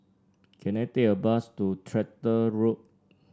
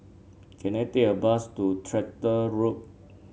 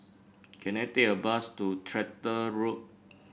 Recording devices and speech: standing microphone (AKG C214), mobile phone (Samsung C7), boundary microphone (BM630), read sentence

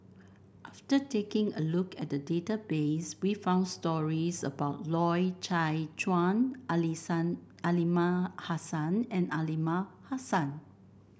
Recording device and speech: boundary microphone (BM630), read sentence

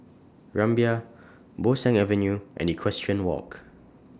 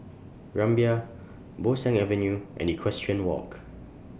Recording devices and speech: standing microphone (AKG C214), boundary microphone (BM630), read sentence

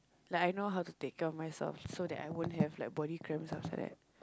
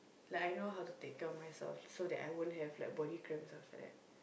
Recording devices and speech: close-talking microphone, boundary microphone, conversation in the same room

